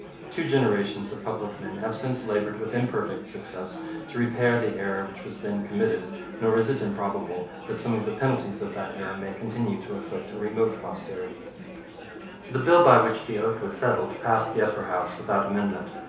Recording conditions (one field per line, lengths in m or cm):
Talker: one person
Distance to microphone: 3.0 m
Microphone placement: far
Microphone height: 1.8 m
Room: small (3.7 m by 2.7 m)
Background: babble